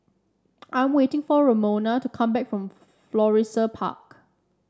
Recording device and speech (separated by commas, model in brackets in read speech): standing microphone (AKG C214), read sentence